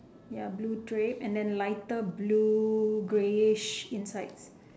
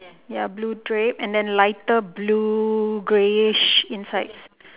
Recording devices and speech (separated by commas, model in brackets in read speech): standing microphone, telephone, conversation in separate rooms